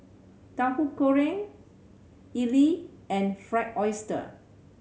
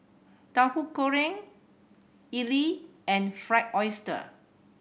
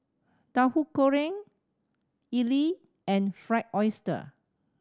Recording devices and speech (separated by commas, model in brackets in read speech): mobile phone (Samsung C7100), boundary microphone (BM630), standing microphone (AKG C214), read sentence